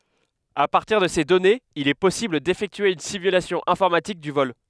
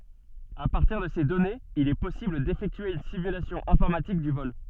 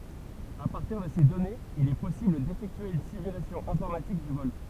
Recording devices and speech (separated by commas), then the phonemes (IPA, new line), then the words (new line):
headset microphone, soft in-ear microphone, temple vibration pickup, read sentence
a paʁtiʁ də se dɔnez il ɛ pɔsibl defɛktye yn simylasjɔ̃ ɛ̃fɔʁmatik dy vɔl
À partir de ces données, il est possible d'effectuer une simulation informatique du vol.